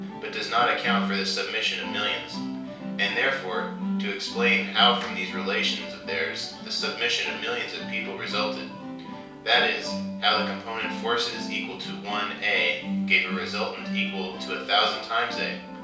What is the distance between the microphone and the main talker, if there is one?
3.0 m.